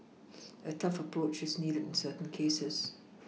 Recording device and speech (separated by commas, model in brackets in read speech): mobile phone (iPhone 6), read sentence